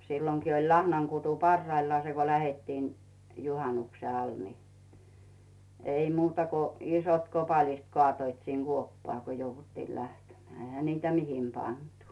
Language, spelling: Finnish, silloinkin oli lahnankutu parhaimmillaan se kun lähdettiin juhannuksena alla niin ei muuta kuin isot kopalliset kaatoivat sinne kuoppaan kun jouduttiin lähtemään eihän niitä mihin pantu
- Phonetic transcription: 'silloŋki oĺ "lahnaŋkutu 'parraillaa se ko 'lähettiin , 'juhannukse 'al ni , 'ei muuta ko , 'isot 'kopallist kᵒàtoit siŋ 'Guoppaa ko jouvuttii lähtemᵉä̀ , 'ehä niitä "mihem 'pantu .

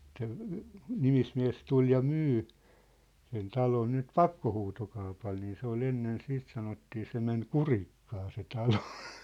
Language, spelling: Finnish, se nimismies tuli ja myi sen talon nyt pakkohuutokaupalla niin se oli ennen sitten sanottiin se meni kurikkaan se talo
- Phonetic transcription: se , 'nimismiä̭s 'tul ja "myy , sen 'talon 'nyt "pakkohuutokaupal nii se ‿ol 'ennen 'siit sanottii » 'se 'men "kurikkaa se "talo . «

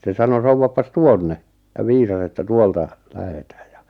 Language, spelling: Finnish, se sanoi soudapas tuonne ja viisasi että tuolta lähdetään ja
- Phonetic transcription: 'se sano » 'souwwappas "tuonne « , ja 'viisas ‿että "tuolta , 'lähetääj ja ,..

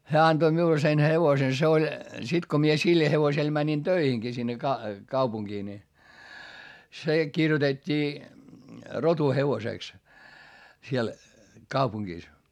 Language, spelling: Finnish, hän antoi minulle sen hevosen se oli sitten kun minä sillä hevosella menin töihinkin sinne - kaupunkiin niin se kirjoitettiin rotuhevoseksi siellä kaupungissa
- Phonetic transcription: » hää antoi miul sen hevosen se oĺ , sit ko mie sil hevosel mänin töiheŋkii sinne ka- , kaupuŋkii ni , se kirjotet́t́ii , rotuhevosèks , siel , kaupuŋGìs .

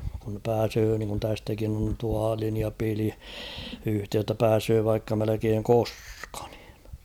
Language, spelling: Finnish, kun pääsee niin kuin tästäkin on tuo - linjapiiliyhteys jotta pääsee vaikka melkein koska niin
- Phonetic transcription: kum 'pääsöö niŋkun tästäkin ‿(on) tua 'liniapiili- , -yhte[ys] jotta 'pääsöö vaikka melekeeŋ 'kosskᴀ ɴɪɴ .

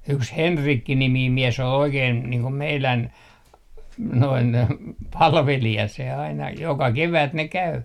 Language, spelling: Finnish, yksi Henrikki niminen mies oli oikein niin kuin meidän noin palvelija se aina joka kevät ne käy
- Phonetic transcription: 'yks "Henrikki 'nimiim 'mies ol ‿oikein niiŋ ko 'meilän , noin , "palvelija se aina 'joka "kevät ne 'käy .

